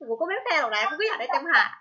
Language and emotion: Thai, angry